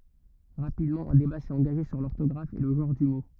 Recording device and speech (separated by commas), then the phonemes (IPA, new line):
rigid in-ear microphone, read sentence
ʁapidmɑ̃ œ̃ deba sɛt ɑ̃ɡaʒe syʁ lɔʁtɔɡʁaf e lə ʒɑ̃ʁ dy mo